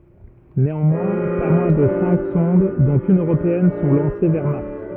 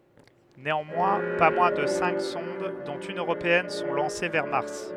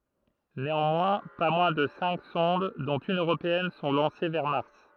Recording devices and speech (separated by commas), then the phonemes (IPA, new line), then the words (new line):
rigid in-ear microphone, headset microphone, throat microphone, read sentence
neɑ̃mwɛ̃ pa mwɛ̃ də sɛ̃k sɔ̃d dɔ̃t yn øʁopeɛn sɔ̃ lɑ̃se vɛʁ maʁs
Néanmoins, pas moins de cinq sondes, dont une européenne, sont lancées vers Mars.